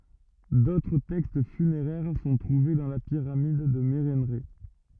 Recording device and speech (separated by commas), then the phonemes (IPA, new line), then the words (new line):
rigid in-ear microphone, read sentence
dotʁ tɛkst fyneʁɛʁ sɔ̃ tʁuve dɑ̃ la piʁamid də meʁɑ̃ʁɛ
D'autres textes funéraires sont trouvés dans la pyramide de Mérenrê.